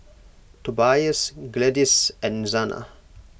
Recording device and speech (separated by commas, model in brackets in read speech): boundary microphone (BM630), read sentence